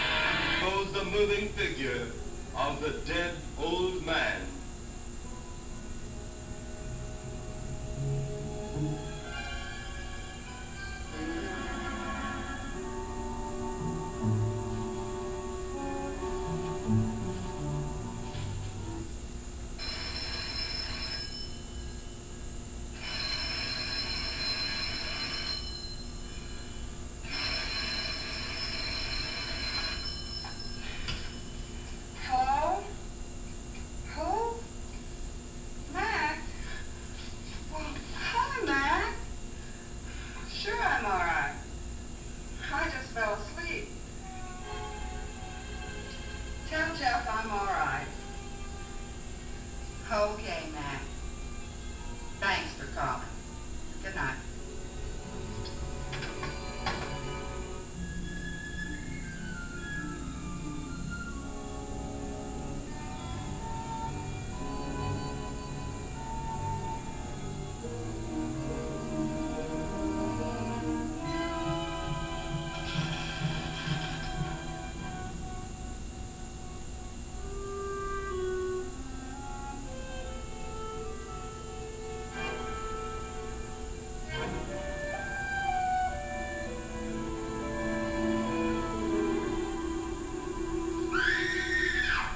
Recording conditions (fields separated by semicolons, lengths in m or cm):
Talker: no one; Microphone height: 1.8 m; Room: large; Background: television